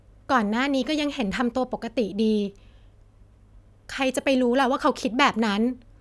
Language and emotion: Thai, frustrated